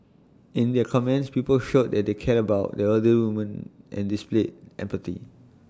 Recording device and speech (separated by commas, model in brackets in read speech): standing microphone (AKG C214), read sentence